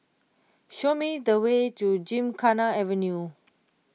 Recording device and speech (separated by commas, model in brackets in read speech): mobile phone (iPhone 6), read sentence